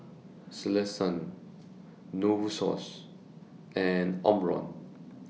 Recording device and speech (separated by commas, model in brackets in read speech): mobile phone (iPhone 6), read sentence